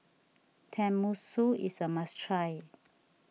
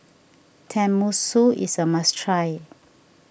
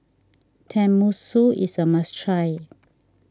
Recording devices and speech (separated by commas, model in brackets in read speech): mobile phone (iPhone 6), boundary microphone (BM630), standing microphone (AKG C214), read sentence